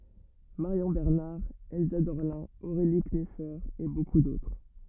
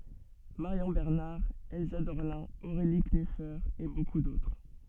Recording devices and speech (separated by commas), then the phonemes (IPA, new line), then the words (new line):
rigid in-ear microphone, soft in-ear microphone, read sentence
maʁjɔ̃ bɛʁnaʁ ɛlsa dɔʁlɛ̃ oʁeli knyfe e boku dotʁ
Marion Bernard, Elsa Dorlin, Aurélie Knüfer et beaucoup d'autres.